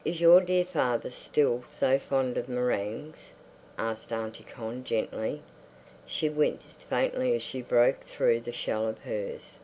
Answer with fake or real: real